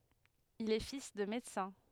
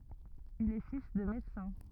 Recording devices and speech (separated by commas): headset microphone, rigid in-ear microphone, read sentence